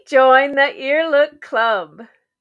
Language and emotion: English, happy